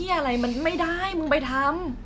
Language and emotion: Thai, frustrated